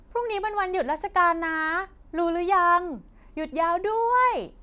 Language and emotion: Thai, happy